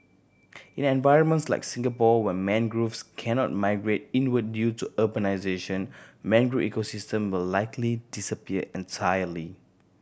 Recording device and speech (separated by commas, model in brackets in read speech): boundary microphone (BM630), read sentence